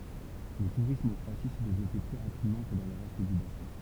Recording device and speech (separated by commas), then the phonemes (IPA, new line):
temple vibration pickup, read sentence
lə tuʁism ɑ̃ kʁoasi sɛ devlɔpe ply ʁapidmɑ̃ kə dɑ̃ lə ʁɛst dy basɛ̃